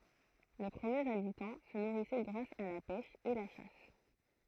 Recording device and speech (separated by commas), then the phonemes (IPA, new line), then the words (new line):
throat microphone, read sentence
le pʁəmjez abitɑ̃ sə nuʁisɛ ɡʁas a la pɛʃ e la ʃas
Les premiers habitants se nourrissaient grâce à la pêche et la chasse.